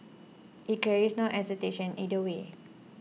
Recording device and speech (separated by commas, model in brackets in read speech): mobile phone (iPhone 6), read sentence